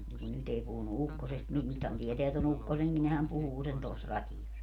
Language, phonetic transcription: Finnish, mu 'nyt ‿ei 'puhunu "ukkosest mu 'nythän 'tieteä to'n ‿ukkoseŋki nehäm 'puhuu sen tos 'ratijos .
- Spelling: mutta nyt ei puhunut ukkosesta mutta nythän tietää tuon ukkosenkin nehän puhuu sen tuossa radiossa

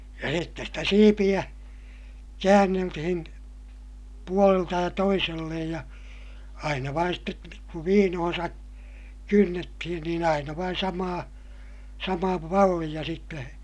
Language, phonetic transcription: Finnish, ja sittes stä siipiʲä , käänneltihin , puolelta ja toisellej ja , aina vain stet , kuv viinohoo̰sa , kynnettihin niin ‿aina vain samaa , samaa malliʲa sitte .
- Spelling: ja sitten sitä siipeä käänneltiin puolelta ja toiselle ja aina vain sitten kun viinoonsa kynnettiin niin aina vain samaa samaa mallia sitten

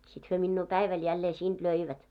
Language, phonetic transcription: Finnish, sit hyö minnuu "päiväl jällee 'siinᴅ "löivät .
- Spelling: sitten he minua päivällä jälleen siitä löivät

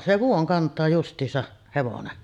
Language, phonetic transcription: Finnish, se "vuoŋ 'kant̆taa just̀iisa’ , hevonen .
- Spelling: se vuoden kantaa justiinsa hevonen

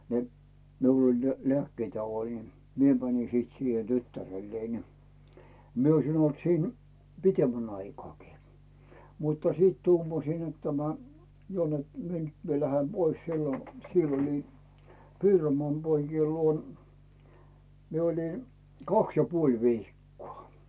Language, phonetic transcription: Finnish, ne , 'miul oĺ ne "leä̀kkeet ja 'oĺin , 'mie 'mä̀ńi sit siihe 'tyttärellei ni , 'mie oisin olt siin , "pitemmän 'aikᵒàkii , muttᴀ 'siit "tuumasiin net tämä , 'jo net mie nyt mie 'lähe "pois sillo , 'siell ‿oĺin , 'Piromoàn 'poikiel 'luon , 'mie oli , "kaks ja 'puoĺ 'viikku̳a̳ .
- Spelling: ne minulla oli ne lääkkeet ja olin minä menin sitten siihen tyttärelleni niin minä olisin ollut siinä pitemmän aikaakin mutta sitten tuumasin että tämä jo että minä nyt minä lähden pois silloin siellä olin Piironmaan poikien luona minä olin kaksi ja puoli viikkoa

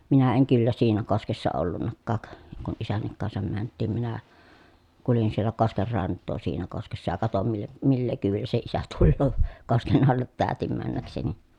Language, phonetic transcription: Finnish, minä eŋ kyllä siinä koskessa ollunnakkaak , kun isännik kansam mänt̆tiim minä , kulin siel̀ä kosker rant̆too siinä koskessa ja katom mil- , millee kyyvillä se isä tulloo , kosken allet täätim männäkseni .
- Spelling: minä en kyllä siinä koskessa ollutkaan kun isänkin kanssa mentiin minä kuljin siellä kosken rantaa siinä koskessa ja katoin - millä kyydillä se isä tulee kosken alle täytin mennäkseni

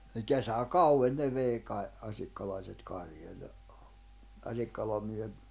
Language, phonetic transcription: Finnish, ni 'kesä"kau₍en ne 'vei kai̬ , 'asikkalaiset 'karjoja , 'Asikkalam miehet ,.
- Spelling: niin kesäkauden ne vei kai asikkalalaiset karjoja Asikkalan miehet

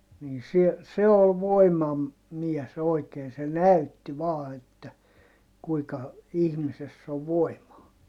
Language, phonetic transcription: Finnish, nii sie- , se ol voimam- , -miɛs ‿oikeen se näytti vaa että , kuika , ihmisess ‿o voimaa .
- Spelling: niin - se oli - voimamies oikein se näytti vain että kuinka ihmisessä on voimaa

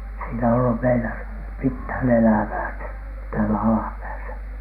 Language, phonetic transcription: Finnish, siinä ollu meilä , "mithä̀n "elävää , 'täälä 'alapääsä .
- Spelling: siinä ollut meillä mitään elävää täällä alapäässä

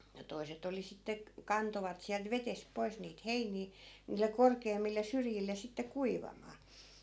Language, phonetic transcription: Finnish, 'toi̮set ‿oli sitte k- , 'kantovat siält 'vetesp̆ 'poi̮s niit "heinii , niille 'korkeemmil̆le 'syrjil̆le sitte "kuivamaa .
- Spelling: toiset oli sitten - kantoivat sieltä vedestä pois niitä heiniä niille korkeammille syrjille sitten kuivamaan

